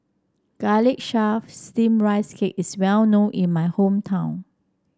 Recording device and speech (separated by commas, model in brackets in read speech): standing microphone (AKG C214), read sentence